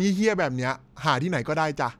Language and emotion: Thai, frustrated